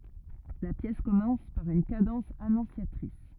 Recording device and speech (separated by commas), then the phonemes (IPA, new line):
rigid in-ear microphone, read sentence
la pjɛs kɔmɑ̃s paʁ yn kadɑ̃s anɔ̃sjatʁis